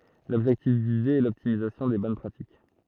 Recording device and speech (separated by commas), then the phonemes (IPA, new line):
throat microphone, read sentence
lɔbʒɛktif vize ɛ lɔptimizasjɔ̃ de bɔn pʁatik